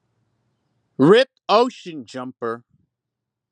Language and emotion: English, fearful